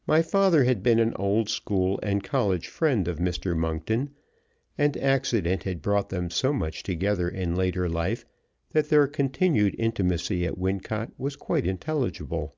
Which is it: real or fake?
real